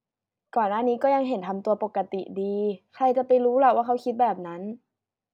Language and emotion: Thai, neutral